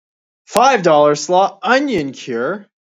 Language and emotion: English, disgusted